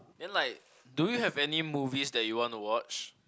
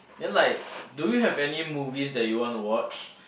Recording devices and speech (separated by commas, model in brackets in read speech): close-talking microphone, boundary microphone, conversation in the same room